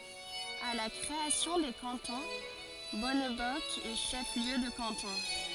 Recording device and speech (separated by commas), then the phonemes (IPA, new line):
forehead accelerometer, read sentence
a la kʁeasjɔ̃ de kɑ̃tɔ̃ bɔnbɔsk ɛ ʃɛf ljø də kɑ̃tɔ̃